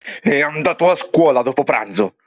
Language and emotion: Italian, angry